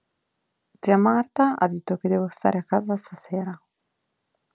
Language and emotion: Italian, neutral